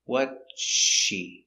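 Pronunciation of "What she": In "what's she", the s before the sh is not heard, and the words are linked, so it sounds like "what she".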